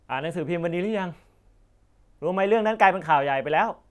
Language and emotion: Thai, neutral